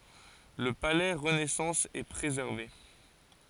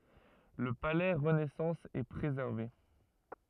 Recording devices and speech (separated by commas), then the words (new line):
forehead accelerometer, rigid in-ear microphone, read sentence
Le palais renaissance est préservé.